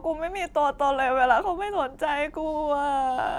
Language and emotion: Thai, sad